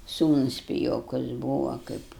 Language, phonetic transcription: Lithuanian, ˈsūnus piˈjokus ˈbūva kaip

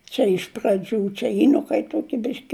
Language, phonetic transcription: Lithuanian, ˈčia iš praˈdžių čia ˈji nu kaip ˈtuoki ˈbiški

